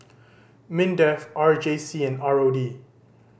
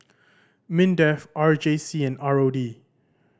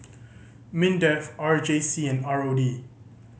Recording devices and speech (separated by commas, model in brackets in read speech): boundary microphone (BM630), standing microphone (AKG C214), mobile phone (Samsung C5010), read sentence